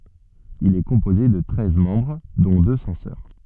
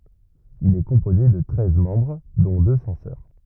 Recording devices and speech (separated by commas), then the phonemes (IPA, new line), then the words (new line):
soft in-ear microphone, rigid in-ear microphone, read sentence
il ɛ kɔ̃poze də tʁɛz mɑ̃bʁ dɔ̃ dø sɑ̃sœʁ
Il est composé de treize membres dont deux censeurs.